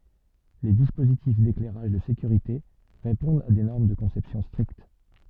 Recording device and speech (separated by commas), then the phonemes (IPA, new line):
soft in-ear microphone, read sentence
le dispozitif deklɛʁaʒ də sekyʁite ʁepɔ̃dt a de nɔʁm də kɔ̃sɛpsjɔ̃ stʁikt